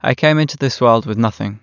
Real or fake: real